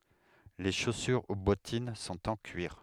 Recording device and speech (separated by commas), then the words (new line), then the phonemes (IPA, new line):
headset microphone, read sentence
Les chaussures ou bottines sont en cuir.
le ʃosyʁ u bɔtin sɔ̃t ɑ̃ kyiʁ